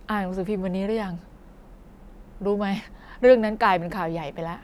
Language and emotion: Thai, frustrated